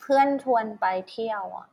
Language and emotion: Thai, frustrated